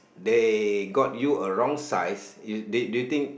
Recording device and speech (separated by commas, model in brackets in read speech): boundary microphone, conversation in the same room